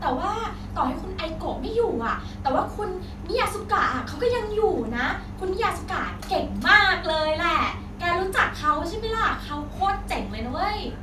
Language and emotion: Thai, frustrated